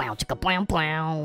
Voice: Cartoon Voice